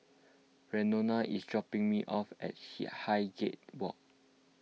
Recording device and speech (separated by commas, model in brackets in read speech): mobile phone (iPhone 6), read sentence